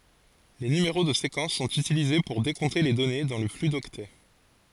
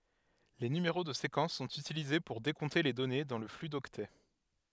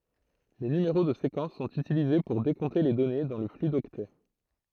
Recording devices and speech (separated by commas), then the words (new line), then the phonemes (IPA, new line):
forehead accelerometer, headset microphone, throat microphone, read sentence
Les numéros de séquence sont utilisés pour décompter les données dans le flux d'octets.
le nymeʁo də sekɑ̃s sɔ̃t ytilize puʁ dekɔ̃te le dɔne dɑ̃ lə fly dɔktɛ